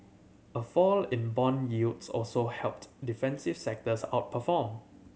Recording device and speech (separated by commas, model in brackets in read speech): mobile phone (Samsung C7100), read sentence